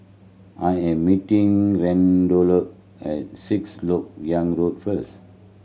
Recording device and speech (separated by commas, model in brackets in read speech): mobile phone (Samsung C7100), read sentence